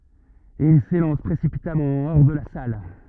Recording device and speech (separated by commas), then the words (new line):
rigid in-ear microphone, read sentence
Et il s'élance précipitamment hors de la salle.